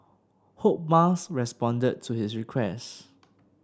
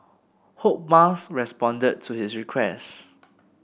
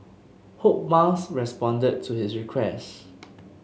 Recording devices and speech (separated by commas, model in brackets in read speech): standing microphone (AKG C214), boundary microphone (BM630), mobile phone (Samsung S8), read sentence